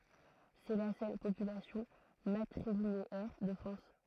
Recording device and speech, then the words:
throat microphone, read sentence
C'est la seule population matrilinéaire de France.

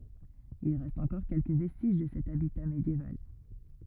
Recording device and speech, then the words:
rigid in-ear microphone, read sentence
Il reste encore quelques vestiges de cet habitat médiéval.

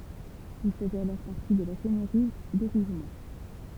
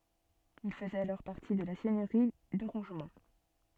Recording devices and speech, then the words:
temple vibration pickup, soft in-ear microphone, read sentence
Il faisait alors partie de la seigneurie de Rougemont.

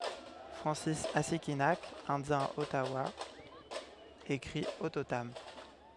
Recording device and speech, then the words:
headset microphone, read sentence
Francis Assikinak, indien Ottawa écrit Ottotam.

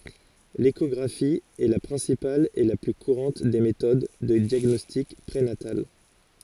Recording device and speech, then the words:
forehead accelerometer, read sentence
L’échographie est la principale et la plus courante des méthodes de diagnostic prénatal.

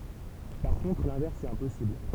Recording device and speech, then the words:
temple vibration pickup, read sentence
Par contre, l'inverse est impossible.

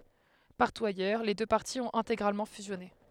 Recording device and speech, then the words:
headset microphone, read sentence
Partout ailleurs, les deux partis ont intégralement fusionné.

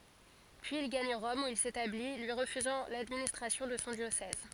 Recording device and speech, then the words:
forehead accelerometer, read sentence
Puis il gagne Rome où il s’établit, lui refusant l'administration de son diocèse.

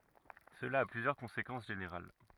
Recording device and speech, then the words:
rigid in-ear microphone, read sentence
Cela a plusieurs conséquences générales.

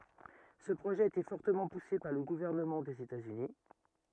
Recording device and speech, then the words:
rigid in-ear microphone, read sentence
Ce projet a été fortement poussé par le gouvernement des États-Unis.

